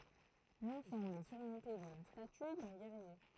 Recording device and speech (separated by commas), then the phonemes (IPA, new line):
throat microphone, read sentence
lɑ̃sɑ̃bl ɛ syʁmɔ̃te də la staty dœ̃ ɡɛʁje